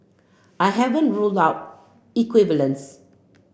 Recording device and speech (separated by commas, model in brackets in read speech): boundary microphone (BM630), read sentence